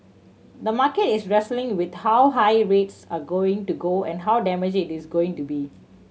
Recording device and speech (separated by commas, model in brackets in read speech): mobile phone (Samsung C7100), read sentence